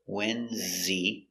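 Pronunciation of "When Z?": In 'when's he', 'when is' is contracted to 'when's'. The h in 'he' is silent, and the words are linked together.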